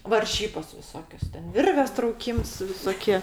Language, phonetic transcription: Lithuanian, varˈžybos viˈsokios ˈten ˈvirvės trauˈkyms visoˈkie

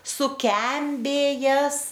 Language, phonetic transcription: Lithuanian, suˈkembėjes

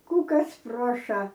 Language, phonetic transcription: Lithuanian, ˈkų ˈkas ˈpruoša

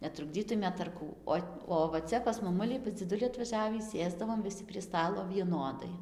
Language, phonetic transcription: Lithuanian, netrukˈdzytumėt ar ˈkų ˈo o va ˈcia pas maˈmuli pas dziˈduli atvaˈžiavį ˈsėsdavom viˈsi prie ˈstalo vieˈnodai

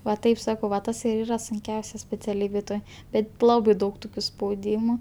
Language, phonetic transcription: Lithuanian, va ˈtaip ˈsakau va ˈtas ir ˈyra sunˈkiausia speciaˈlybėj ˈtoj ˈbet ˈlabai ˈdaug ˈtukiu spauˈdymu

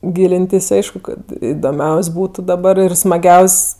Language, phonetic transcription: Lithuanian, ˈgylintis ˈaišku kad idoˈmiaus' ˈbūtu daˈbar ir smaˈgiaus'

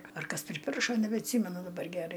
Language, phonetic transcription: Lithuanian, ar ˈkas priˈpiršo nebeatˈsymenu daˈbar geˈrai

